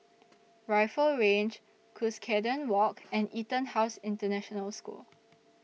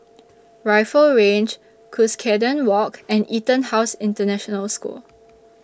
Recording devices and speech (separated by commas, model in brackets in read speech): mobile phone (iPhone 6), standing microphone (AKG C214), read sentence